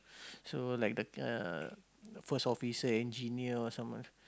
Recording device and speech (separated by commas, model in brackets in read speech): close-talking microphone, conversation in the same room